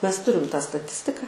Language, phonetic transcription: Lithuanian, ˈmes ˈturim tą staˈtistika

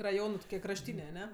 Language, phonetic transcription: Lithuanian, raˈjonɜ tuˈkie krašˈtynė aˈne

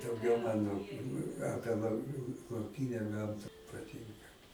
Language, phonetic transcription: Lithuanian, dauˈgiau ˈmano ˈapie lau lauˈkine ˈgamta paˈtinka

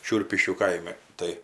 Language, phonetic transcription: Lithuanian, ˈšiurpiškių ˈkaimi ˈtai

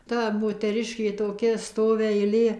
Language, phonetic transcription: Lithuanian, ˈta moteˈriškė toˈkia ˈstovi aiˈlė

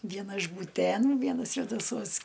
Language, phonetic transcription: Lithuanian, ˈviena iš būˈtėnų ˈviena svedaˈsuos

